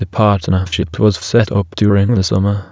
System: TTS, waveform concatenation